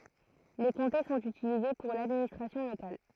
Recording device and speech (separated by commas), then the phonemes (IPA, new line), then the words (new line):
throat microphone, read sentence
le kɔ̃te sɔ̃t ytilize puʁ ladministʁasjɔ̃ lokal
Les comtés sont utilisés pour l'administration locale.